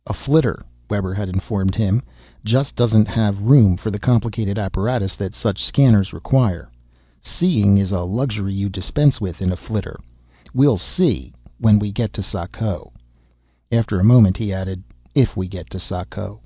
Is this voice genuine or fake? genuine